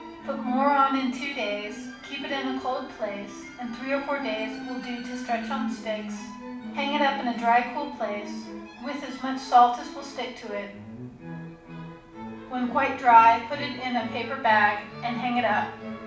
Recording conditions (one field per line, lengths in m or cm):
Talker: one person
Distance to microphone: 5.8 m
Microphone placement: far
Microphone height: 1.8 m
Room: medium-sized (5.7 m by 4.0 m)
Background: music